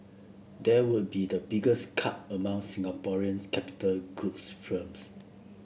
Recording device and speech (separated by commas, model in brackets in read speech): boundary microphone (BM630), read sentence